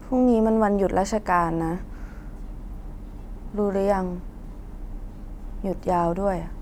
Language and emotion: Thai, sad